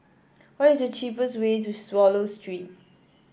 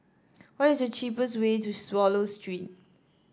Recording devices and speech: boundary microphone (BM630), standing microphone (AKG C214), read sentence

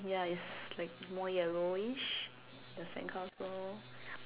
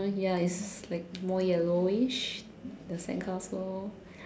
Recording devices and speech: telephone, standing microphone, conversation in separate rooms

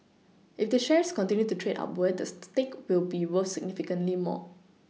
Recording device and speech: mobile phone (iPhone 6), read sentence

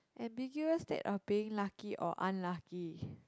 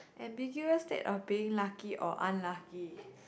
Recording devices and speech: close-talking microphone, boundary microphone, conversation in the same room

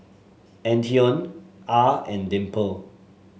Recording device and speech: mobile phone (Samsung S8), read sentence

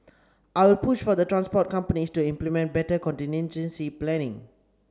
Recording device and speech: standing microphone (AKG C214), read sentence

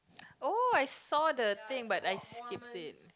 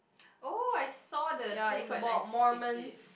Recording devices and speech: close-talking microphone, boundary microphone, conversation in the same room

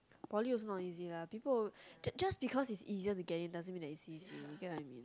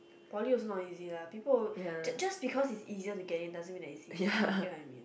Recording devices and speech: close-talking microphone, boundary microphone, conversation in the same room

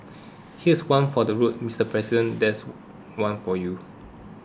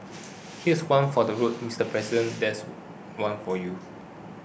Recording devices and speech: close-talking microphone (WH20), boundary microphone (BM630), read sentence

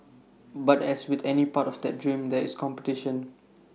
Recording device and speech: mobile phone (iPhone 6), read sentence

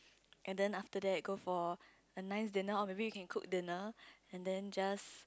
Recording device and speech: close-talking microphone, conversation in the same room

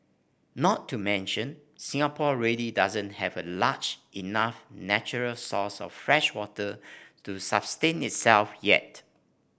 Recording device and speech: boundary microphone (BM630), read sentence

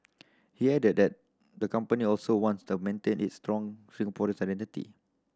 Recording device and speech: standing microphone (AKG C214), read sentence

